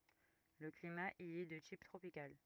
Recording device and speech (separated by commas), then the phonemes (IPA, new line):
rigid in-ear microphone, read sentence
lə klima i ɛ də tip tʁopikal